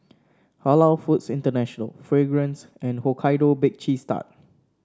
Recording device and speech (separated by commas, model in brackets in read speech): standing microphone (AKG C214), read sentence